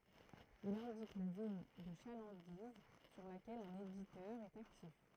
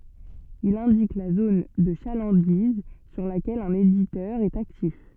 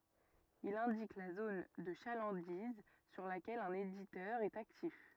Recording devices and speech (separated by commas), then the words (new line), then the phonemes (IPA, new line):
throat microphone, soft in-ear microphone, rigid in-ear microphone, read sentence
Il indique la zone de chalandise sur laquelle un éditeur est actif.
il ɛ̃dik la zon də ʃalɑ̃diz syʁ lakɛl œ̃n editœʁ ɛt aktif